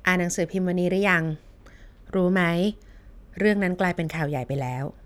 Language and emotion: Thai, neutral